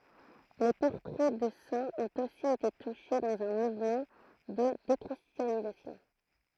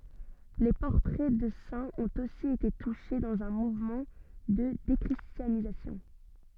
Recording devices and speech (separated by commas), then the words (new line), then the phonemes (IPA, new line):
throat microphone, soft in-ear microphone, read sentence
Les portraits de saints ont aussi été touchés, dans un mouvement de déchristianisation.
le pɔʁtʁɛ də sɛ̃z ɔ̃t osi ete tuʃe dɑ̃z œ̃ muvmɑ̃ də dekʁistjanizasjɔ̃